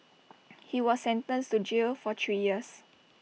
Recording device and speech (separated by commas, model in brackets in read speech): mobile phone (iPhone 6), read sentence